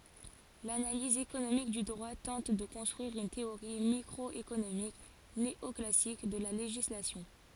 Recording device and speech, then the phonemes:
forehead accelerometer, read sentence
lanaliz ekonomik dy dʁwa tɑ̃t də kɔ̃stʁyiʁ yn teoʁi mikʁɔekonomik neɔklasik də la leʒislasjɔ̃

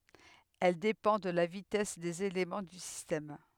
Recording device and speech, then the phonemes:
headset microphone, read sentence
ɛl depɑ̃ də la vitɛs dez elemɑ̃ dy sistɛm

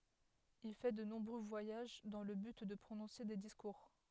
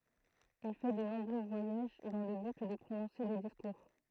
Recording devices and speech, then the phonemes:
headset microphone, throat microphone, read sentence
il fɛ də nɔ̃bʁø vwajaʒ dɑ̃ lə byt də pʁonɔ̃se de diskuʁ

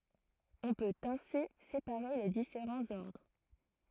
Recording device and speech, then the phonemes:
throat microphone, read sentence
ɔ̃ pøt ɛ̃si sepaʁe le difeʁɑ̃z ɔʁdʁ

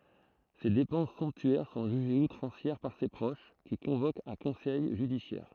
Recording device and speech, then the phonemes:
throat microphone, read sentence
se depɑ̃s sɔ̃ptyɛʁ sɔ̃ ʒyʒez utʁɑ̃sjɛʁ paʁ se pʁoʃ ki kɔ̃vokt œ̃ kɔ̃sɛj ʒydisjɛʁ

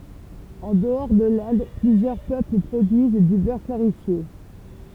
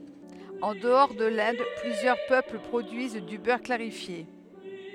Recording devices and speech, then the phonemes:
temple vibration pickup, headset microphone, read sentence
ɑ̃ dəɔʁ də lɛ̃d plyzjœʁ pøpl pʁodyiz dy bœʁ klaʁifje

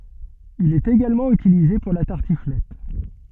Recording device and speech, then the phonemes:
soft in-ear microphone, read sentence
il ɛt eɡalmɑ̃ ytilize puʁ la taʁtiflɛt

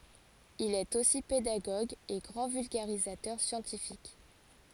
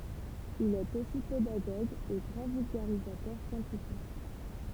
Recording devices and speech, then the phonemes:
forehead accelerometer, temple vibration pickup, read sentence
il ɛt osi pedaɡoɡ e ɡʁɑ̃ vylɡaʁizatœʁ sjɑ̃tifik

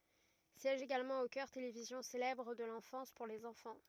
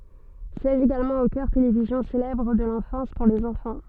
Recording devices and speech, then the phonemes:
rigid in-ear microphone, soft in-ear microphone, read sentence
sjɛʒ eɡalmɑ̃ o kœʁ televizjɔ̃ selɛbʁ də lɑ̃fɑ̃s puʁ lez ɑ̃fɑ̃

